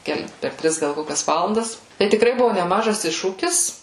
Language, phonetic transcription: Lithuanian, ˈkel per ˈtris ˈgal ˈkokias ˈvalandas tai tikˈrai ˈbuvo neˈmažas ˈiššūkis

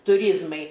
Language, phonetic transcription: Lithuanian, tuˈryzmai

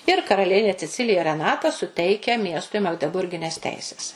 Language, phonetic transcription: Lithuanian, ir karaˈlienė ceˈcilija reˈnata suˈteikia ˈmiestui magdeˈburgines ˈteises

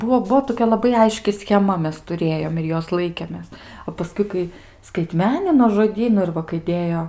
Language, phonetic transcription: Lithuanian, ˈbuo ˈbuo toˈkia laˈbai ˈaiški scheˈma ˈmes tuˈrėjom ir ˈjos ˈlaikėmės o paˈskui ˈkai skaiˈtmenino žoˈdynu ir ˈva kai ˈdėjo

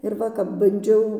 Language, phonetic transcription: Lithuanian, ir ˈva kap banˈdžiau

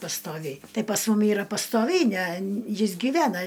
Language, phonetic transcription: Lithuanian, pastoˈviai ˈtai pas ˈmum ˈyra pastoˈviai ne ˈjis gyˈvena

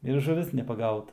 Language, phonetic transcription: Lithuanian, ir žuˈvis nepaˈgauta

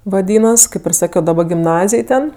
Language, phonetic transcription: Lithuanian, vaˈdynas ˈkaip ir ˈsakio daˈba gimˈnazij ˈten

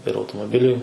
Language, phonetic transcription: Lithuanian, ir automoˈbiliui

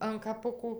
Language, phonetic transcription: Lithuanian, an kaˈpukų

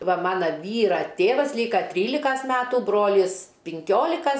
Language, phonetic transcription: Lithuanian, ˈva ˈmana ˈvyra ˈtėvas ˈlyka ˈtrylikas ˈmetų ˈbrolis pinˈkiolikas

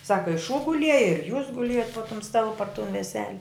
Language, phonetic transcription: Lithuanian, ˈsaka i šū guˈlieja ir jūs guˈliejot po tum ˈstalu par tun veˈsele

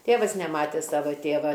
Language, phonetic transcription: Lithuanian, ˈtėvas neˈmatė ˈsava ˈtėva

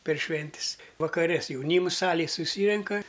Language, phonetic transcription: Lithuanian, per ˈšventis vakaˈre s jauˈnyms ˈsalėj suˈsyrenka

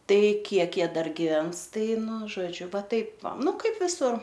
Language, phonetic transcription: Lithuanian, ˈtai ˈkiek ˈjie ˈdar giˈvens ˈtai ˈnu žoˈdžiu ˈva ˈtaip ˈva ˈnu ˈkaip viˈsur

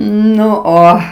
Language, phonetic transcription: Lithuanian, ˈnu ˈo

